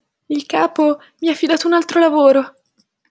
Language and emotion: Italian, fearful